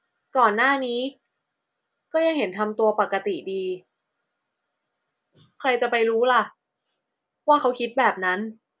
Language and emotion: Thai, frustrated